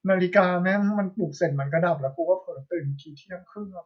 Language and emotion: Thai, neutral